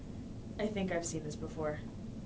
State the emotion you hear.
neutral